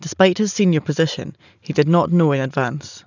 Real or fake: real